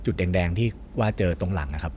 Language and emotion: Thai, neutral